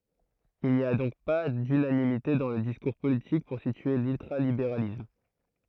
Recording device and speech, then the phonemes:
throat microphone, read sentence
il ni a dɔ̃k pa dynanimite dɑ̃ lə diskuʁ politik puʁ sitye lyltʁalibeʁalism

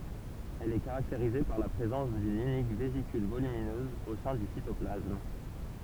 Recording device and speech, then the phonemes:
temple vibration pickup, read sentence
ɛl ɛ kaʁakteʁize paʁ la pʁezɑ̃s dyn ynik vezikyl volyminøz o sɛ̃ dy sitɔplasm

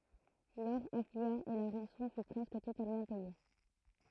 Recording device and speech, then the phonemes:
throat microphone, read sentence
lɔʁ aflya e la ʁɑ̃sɔ̃ fy pʁɛskə totalmɑ̃ pɛje

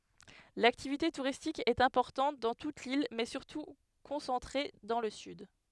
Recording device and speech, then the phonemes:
headset microphone, read sentence
laktivite tuʁistik ɛt ɛ̃pɔʁtɑ̃t dɑ̃ tut lil mɛ syʁtu kɔ̃sɑ̃tʁe dɑ̃ lə syd

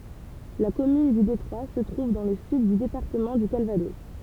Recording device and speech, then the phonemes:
temple vibration pickup, read sentence
la kɔmyn dy detʁwa sə tʁuv dɑ̃ lə syd dy depaʁtəmɑ̃ dy kalvadɔs

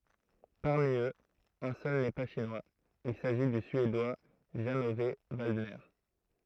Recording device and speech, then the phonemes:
throat microphone, read sentence
paʁmi øz œ̃ sœl nɛ pa ʃinwaz il saʒi dy syedwa ʒɑ̃ ɔv valdnɛʁ

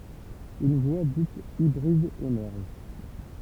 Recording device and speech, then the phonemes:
temple vibration pickup, read sentence
yn vwa dit ibʁid emɛʁʒ

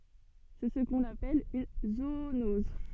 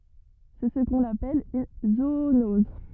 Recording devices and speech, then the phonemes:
soft in-ear microphone, rigid in-ear microphone, read sentence
sɛ sə kɔ̃n apɛl yn zoonɔz

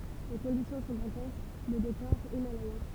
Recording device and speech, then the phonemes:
temple vibration pickup, read sentence
le kɔ̃disjɔ̃ sɔ̃ dɑ̃tɛsk lə dekɔʁ imalɛjɛ̃

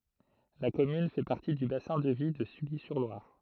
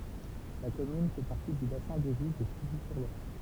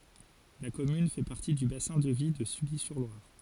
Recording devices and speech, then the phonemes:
throat microphone, temple vibration pickup, forehead accelerometer, read sentence
la kɔmyn fɛ paʁti dy basɛ̃ də vi də sylizyʁlwaʁ

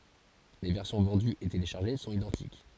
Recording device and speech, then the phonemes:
forehead accelerometer, read sentence
le vɛʁsjɔ̃ vɑ̃dyz e teleʃaʁʒe sɔ̃t idɑ̃tik

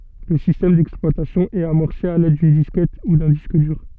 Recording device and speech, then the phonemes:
soft in-ear microphone, read sentence
lə sistɛm dɛksplwatasjɔ̃ ɛt amɔʁse a lɛd dyn diskɛt u dœ̃ disk dyʁ

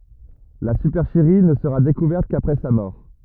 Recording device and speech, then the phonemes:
rigid in-ear microphone, read sentence
la sypɛʁʃəʁi nə səʁa dekuvɛʁt kapʁɛ sa mɔʁ

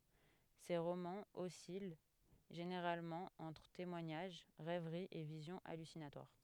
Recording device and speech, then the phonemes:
headset microphone, read sentence
se ʁomɑ̃z ɔsil ʒeneʁalmɑ̃ ɑ̃tʁ temwaɲaʒ ʁɛvʁi e vizjɔ̃ alysinatwaʁ

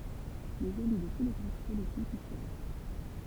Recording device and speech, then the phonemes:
temple vibration pickup, read sentence
lez ely də tu le ɡʁup politikz i sjɛʒ

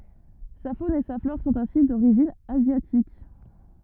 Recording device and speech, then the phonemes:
rigid in-ear microphone, read sentence
sa fon e sa flɔʁ sɔ̃t ɛ̃si doʁiʒin azjatik

